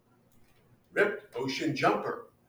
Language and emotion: English, happy